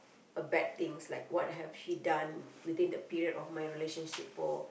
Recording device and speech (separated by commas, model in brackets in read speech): boundary microphone, conversation in the same room